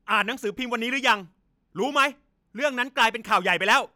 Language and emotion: Thai, angry